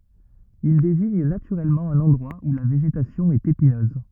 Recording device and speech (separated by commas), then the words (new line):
rigid in-ear microphone, read sentence
Il désigne naturellement un endroit où la végétation est épineuse.